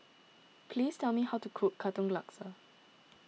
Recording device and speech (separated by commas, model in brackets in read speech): mobile phone (iPhone 6), read sentence